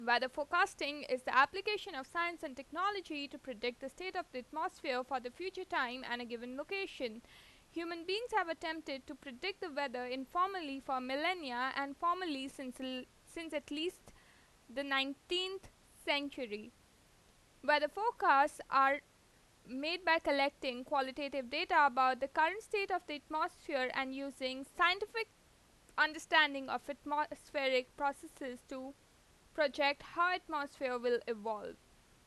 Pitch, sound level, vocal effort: 290 Hz, 91 dB SPL, loud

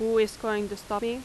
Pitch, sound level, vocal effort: 220 Hz, 90 dB SPL, loud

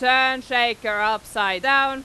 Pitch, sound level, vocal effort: 245 Hz, 102 dB SPL, very loud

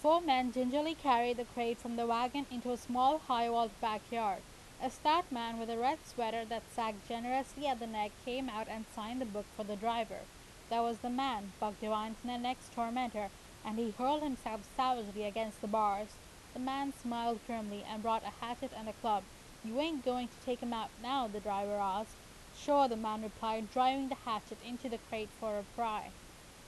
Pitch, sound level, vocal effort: 235 Hz, 89 dB SPL, loud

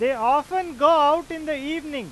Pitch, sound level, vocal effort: 315 Hz, 103 dB SPL, very loud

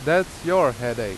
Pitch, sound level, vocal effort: 175 Hz, 90 dB SPL, very loud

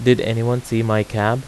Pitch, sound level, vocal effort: 115 Hz, 85 dB SPL, normal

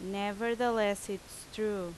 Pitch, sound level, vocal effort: 205 Hz, 86 dB SPL, very loud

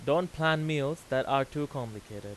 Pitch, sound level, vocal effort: 140 Hz, 93 dB SPL, loud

